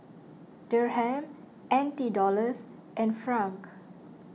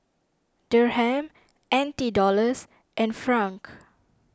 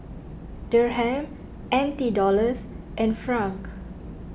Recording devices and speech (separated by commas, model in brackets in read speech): mobile phone (iPhone 6), standing microphone (AKG C214), boundary microphone (BM630), read sentence